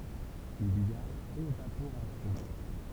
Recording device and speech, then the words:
temple vibration pickup, read sentence
Il y a évaporation.

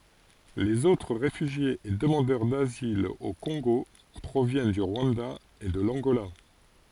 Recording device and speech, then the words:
forehead accelerometer, read sentence
Les autres réfugiés et demandeurs d'asile au Congo proviennent du Rwanda et de l'Angola.

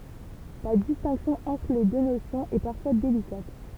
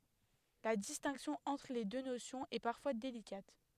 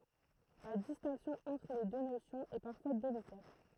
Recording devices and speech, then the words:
temple vibration pickup, headset microphone, throat microphone, read sentence
La distinction entre les deux notions est parfois délicate.

